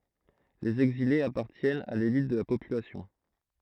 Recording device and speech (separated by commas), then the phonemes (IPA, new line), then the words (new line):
throat microphone, read sentence
lez ɛɡzilez apaʁtjɛnt a lelit də la popylasjɔ̃
Les exilés appartiennent à l'élite de la population.